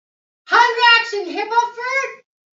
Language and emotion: English, neutral